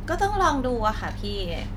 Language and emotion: Thai, neutral